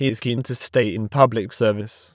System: TTS, waveform concatenation